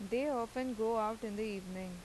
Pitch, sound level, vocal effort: 220 Hz, 89 dB SPL, normal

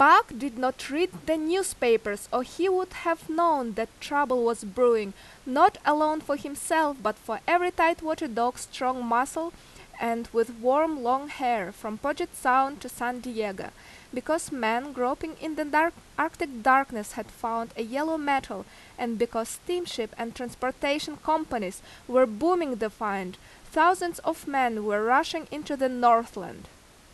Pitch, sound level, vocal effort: 260 Hz, 88 dB SPL, very loud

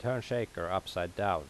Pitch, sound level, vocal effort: 100 Hz, 83 dB SPL, normal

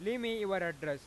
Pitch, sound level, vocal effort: 190 Hz, 99 dB SPL, loud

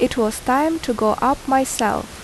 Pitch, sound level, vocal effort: 255 Hz, 80 dB SPL, normal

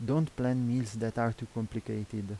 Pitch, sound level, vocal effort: 115 Hz, 82 dB SPL, soft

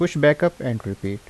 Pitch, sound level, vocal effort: 125 Hz, 81 dB SPL, normal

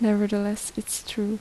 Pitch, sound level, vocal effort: 210 Hz, 75 dB SPL, soft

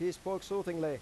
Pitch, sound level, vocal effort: 180 Hz, 93 dB SPL, loud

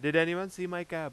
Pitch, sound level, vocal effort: 170 Hz, 94 dB SPL, very loud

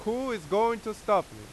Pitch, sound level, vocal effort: 215 Hz, 94 dB SPL, very loud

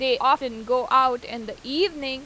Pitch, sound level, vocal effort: 260 Hz, 94 dB SPL, loud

